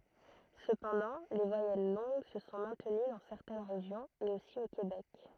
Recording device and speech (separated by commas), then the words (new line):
throat microphone, read sentence
Cependant les voyelles longues se sont maintenues dans certaines régions et aussi au Québec.